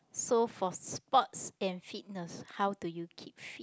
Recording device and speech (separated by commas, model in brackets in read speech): close-talking microphone, conversation in the same room